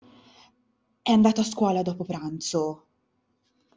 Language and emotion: Italian, surprised